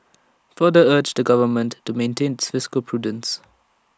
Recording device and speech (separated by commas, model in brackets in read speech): standing microphone (AKG C214), read sentence